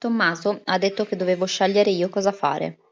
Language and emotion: Italian, neutral